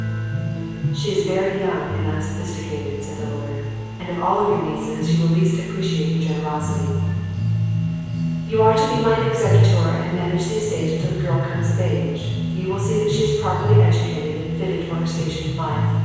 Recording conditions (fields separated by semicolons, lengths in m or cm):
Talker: one person; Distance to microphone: 7.1 m; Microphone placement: far; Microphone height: 1.7 m; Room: very reverberant, large; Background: music